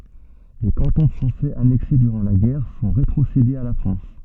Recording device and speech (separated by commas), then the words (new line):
soft in-ear microphone, read sentence
Les cantons français annexés durant la guerre sont rétrocédés à la France.